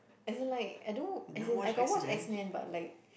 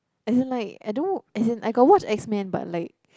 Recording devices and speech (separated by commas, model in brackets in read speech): boundary microphone, close-talking microphone, conversation in the same room